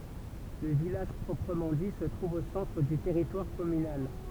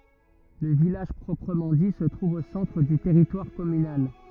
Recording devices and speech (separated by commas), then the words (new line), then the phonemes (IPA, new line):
temple vibration pickup, rigid in-ear microphone, read sentence
Le village proprement dit se trouve au centre du territoire communal.
lə vilaʒ pʁɔpʁəmɑ̃ di sə tʁuv o sɑ̃tʁ dy tɛʁitwaʁ kɔmynal